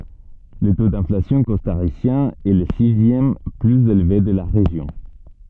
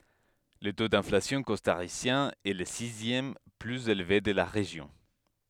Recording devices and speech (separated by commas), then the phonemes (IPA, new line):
soft in-ear microphone, headset microphone, read sentence
lə to dɛ̃flasjɔ̃ kɔstaʁisjɛ̃ ɛ lə sizjɛm plyz elve də la ʁeʒjɔ̃